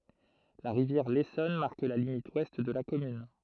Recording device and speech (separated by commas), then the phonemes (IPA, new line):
throat microphone, read sentence
la ʁivjɛʁ lesɔn maʁk la limit wɛst də la kɔmyn